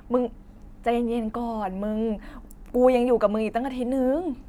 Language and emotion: Thai, neutral